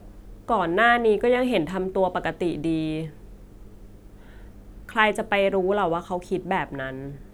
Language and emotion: Thai, neutral